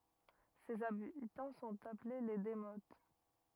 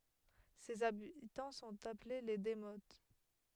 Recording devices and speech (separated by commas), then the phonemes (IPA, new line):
rigid in-ear microphone, headset microphone, read sentence
sez abitɑ̃ sɔ̃t aple le demot